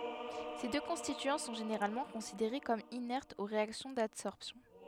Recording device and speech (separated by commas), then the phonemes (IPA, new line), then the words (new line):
headset microphone, read sentence
se dø kɔ̃stityɑ̃ sɔ̃ ʒeneʁalmɑ̃ kɔ̃sideʁe kɔm inɛʁtz o ʁeaksjɔ̃ dadsɔʁpsjɔ̃
Ces deux constituants sont généralement considérés comme inertes aux réactions d'adsorption.